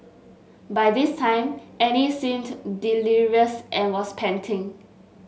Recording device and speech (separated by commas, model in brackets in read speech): mobile phone (Samsung S8), read sentence